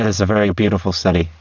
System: VC, spectral filtering